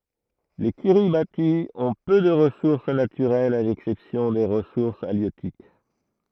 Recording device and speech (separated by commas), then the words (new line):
throat microphone, read sentence
Les Kiribati ont peu de ressources naturelles à l'exception des ressources halieutiques.